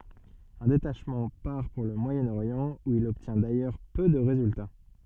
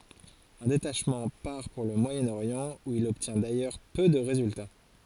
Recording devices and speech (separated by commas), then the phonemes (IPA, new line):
soft in-ear microphone, forehead accelerometer, read sentence
œ̃ detaʃmɑ̃ paʁ puʁ lə mwajənoʁjɑ̃ u il ɔbtjɛ̃ dajœʁ pø də ʁezylta